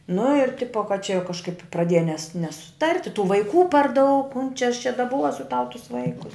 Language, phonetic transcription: Lithuanian, nu ir ˈtipo kad čia jau kažˈkaip praˈdėja nes nesuˈtart' i tų vaiˈkų par daug mum čia aš čia daˈbuosiu tau tus ˈvaikus

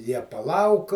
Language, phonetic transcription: Lithuanian, ˈjie paˈlauk

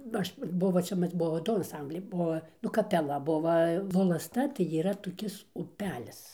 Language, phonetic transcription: Lithuanian, ˈaš ˈbuvo ˈčia ˈmas ˈbuo ˈdu anˈsambliai ˈbuo nu kapeˈla ˈbuva volasˈta tai yˈra toˈkis uˈpelis

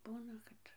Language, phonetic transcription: Lithuanian, ˈbūna kad

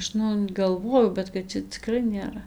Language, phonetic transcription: Lithuanian, ˈaš nu galˈvojau bet kad ˈčia ciˈkrai nėˈra

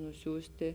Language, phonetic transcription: Lithuanian, nuˈsiųsti

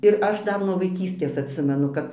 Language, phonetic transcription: Lithuanian, ir ˈaš ˈdar nuo vaiˈkystės atˈsimenu ˈkap

